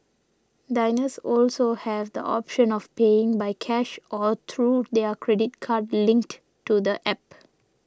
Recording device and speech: standing microphone (AKG C214), read sentence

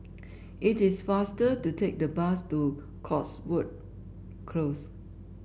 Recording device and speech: boundary microphone (BM630), read sentence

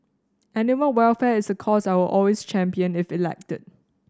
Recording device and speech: standing microphone (AKG C214), read sentence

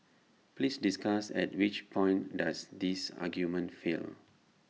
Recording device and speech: mobile phone (iPhone 6), read sentence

